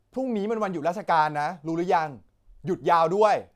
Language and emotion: Thai, frustrated